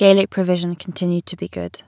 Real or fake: real